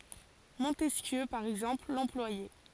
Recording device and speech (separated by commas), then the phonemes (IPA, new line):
forehead accelerometer, read sentence
mɔ̃tɛskjø paʁ ɛɡzɑ̃pl lɑ̃plwajɛ